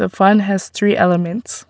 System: none